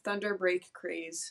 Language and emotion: English, sad